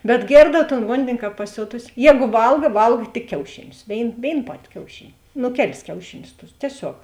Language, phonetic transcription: Lithuanian, bet ˈgėrdav ton ˈvondini ˈkāp paˈsiotusi ˈjēgu ˈvalga ˈvalg tik ˈkiaušiˌnius ˈvėin ˈvėin ˈpati kiauˈšini ˈnu ˈkeˌlis ˈkiaušiˌnius tus tieˈsiog

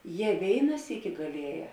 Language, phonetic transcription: Lithuanian, ˈje ˈvėina ˈsyki gaˈlieˌjē

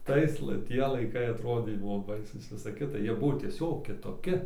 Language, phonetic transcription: Lithuanian, ˈtais la ˈtie laiˈkai aˈtrodė ˈbuvo ˈbaisūs ˈvisa ˈkita ˈjie ˈbuvo tieˈsiog kitoˈki

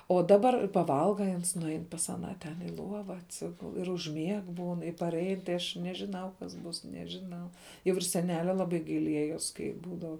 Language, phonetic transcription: Lithuanian, o daˈbar paˈvalga i ˈans nuˈain pas aˈną ˈten i ˈluova atˈsigul ir užˈmieg ˈbūn i parˈein tai ˈaš nežiˈnau kas ˈbūs nežiˈnau jau ir seˈnelia laˈbai gaiˈliejos ˈkai ˈbūdav

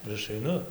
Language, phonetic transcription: Lithuanian, ir ˈaš aiˈnu

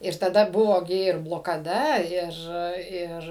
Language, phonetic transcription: Lithuanian, ir taˈda ˈbuvo gi ir blokaˈda ˈir ˈir

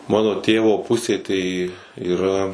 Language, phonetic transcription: Lithuanian, ˈmano ˈtėvo ˈpusė tai yˈra

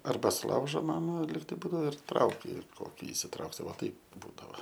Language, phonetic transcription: Lithuanian, arˈba suˈlaužo ˈmama lygˈtai ˈbūdao ir ˈtrauki ˈkoki isiˈtrauksi ˈva ˈtaip ˈbūdava

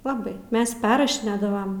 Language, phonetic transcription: Lithuanian, laˈbai ˈmes ˈperrašinėdavam

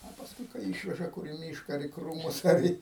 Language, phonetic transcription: Lithuanian, o pasˈkui kai ˈyšveža kur i ˈmyška ar į ˈkrūmus ar ˈį

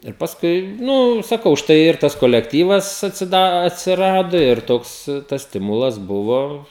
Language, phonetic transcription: Lithuanian, ir pasˈkui ˈnu saˈkau ˈštai ir ˈtas kolekˈtyvas atsiˈda atsiˈrado ˈir ˈtoks tas ˈstimulas ˈbuvo

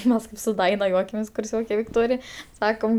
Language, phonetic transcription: Lithuanian, ˈmes kaip su ˈjuokiamės kurˈsioke vikˈtorij ˈsakom

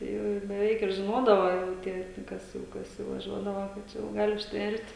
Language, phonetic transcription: Lithuanian, ˈtai jau ir beˈveik ir žiˈnodavo jau ˈtie nu ˈkas jau ˈkas jau vaˈžiuodava ka ˈčia jau ˈgali užtˈvert'

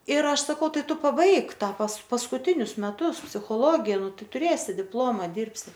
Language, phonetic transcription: Lithuanian, ir ˈaš saˈkau ˈtai ˈtu paˈbaik ˈtą pas paskuˈtinius meˈtus psichoˈlogė ˈnu ˈtai tuˈrėsi ˈdiploma ˈdyrbsi

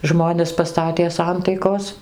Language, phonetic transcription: Lithuanian, ˈžmones paˈstatė ˈsantaikos

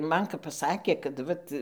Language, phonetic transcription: Lithuanian, ˈman kap paˈsakė kad ˈvat

